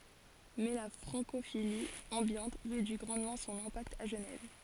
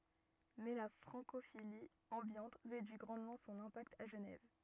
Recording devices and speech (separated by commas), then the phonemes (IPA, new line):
forehead accelerometer, rigid in-ear microphone, read sentence
mɛ la fʁɑ̃kofili ɑ̃bjɑ̃t ʁedyi ɡʁɑ̃dmɑ̃ sɔ̃n ɛ̃pakt a ʒənɛv